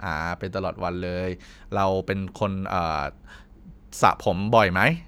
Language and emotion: Thai, neutral